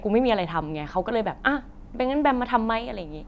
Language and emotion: Thai, neutral